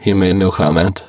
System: VC, spectral filtering